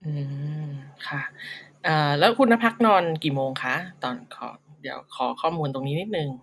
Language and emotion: Thai, neutral